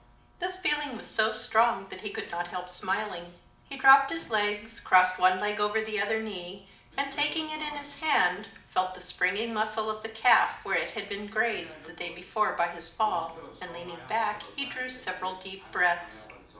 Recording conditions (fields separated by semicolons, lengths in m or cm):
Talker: one person; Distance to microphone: 2.0 m; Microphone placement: close; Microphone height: 99 cm; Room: medium-sized (5.7 m by 4.0 m); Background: television